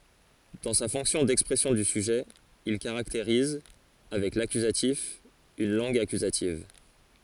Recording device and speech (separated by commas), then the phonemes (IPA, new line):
forehead accelerometer, read sentence
dɑ̃ sa fɔ̃ksjɔ̃ dɛkspʁɛsjɔ̃ dy syʒɛ il kaʁakteʁiz avɛk lakyzatif yn lɑ̃ɡ akyzativ